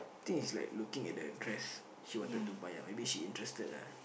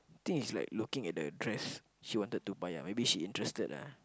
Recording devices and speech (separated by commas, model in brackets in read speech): boundary microphone, close-talking microphone, conversation in the same room